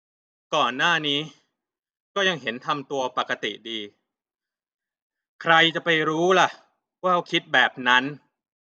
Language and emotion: Thai, frustrated